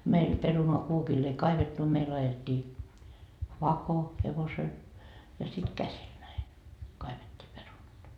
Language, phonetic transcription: Finnish, 'meil 'perunoa 'kuokill ‿ei 'kaivettu meil 'ajet́t́ii , "vako , 'hevosel , ja sit "käsil näi , 'kaivet́t́ii 'perunat .
- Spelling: meillä perunaa kuokilla ei kaivettu meillä ajettiin vako hevosella ja sitten käsillä näin kaivettiin perunat

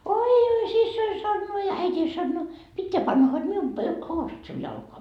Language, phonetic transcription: Finnish, » oi oi » 'sissoi sannoo ja 'äit́iin sannoo , » 'pitteä panna hod 'mium pö- , 'housut siun jalkoa » .
- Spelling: oi oi siskoni sanoo ja äitini sanoo pitää panna hod minun - housut sinun jalkaan

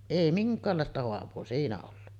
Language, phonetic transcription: Finnish, "’ei "miŋk̆kaallàesta hoav̀oo 'siinä ollu .
- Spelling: ei minkäänlaista haavaa siinä ollut

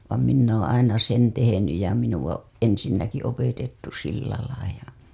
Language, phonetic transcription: Finnish, vàm 'minn ‿ooo̰ aina sen tehenyj ja minu‿a , 'ensinnäki opetettu sillälai ja .
- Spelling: vaan minä olen aina sen tehnyt ja minua ensinnäkin opetettu sillä lailla ja

